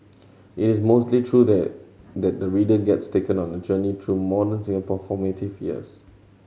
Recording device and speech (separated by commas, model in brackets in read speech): mobile phone (Samsung C7100), read sentence